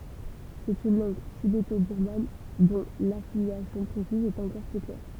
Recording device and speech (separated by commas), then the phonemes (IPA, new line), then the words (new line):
temple vibration pickup, read sentence
sɛt yn lɑ̃ɡ tibetobiʁman dɔ̃ lafiljasjɔ̃ pʁesiz ɛt ɑ̃kɔʁ pø klɛʁ
C'est une langue tibéto-birmane dont l'affiliation précise est encore peu claire.